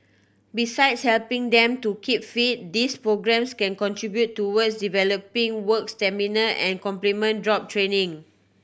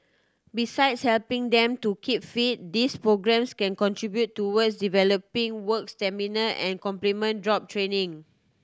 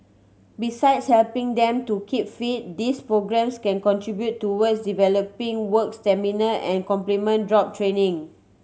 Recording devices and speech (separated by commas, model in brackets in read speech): boundary microphone (BM630), standing microphone (AKG C214), mobile phone (Samsung C7100), read sentence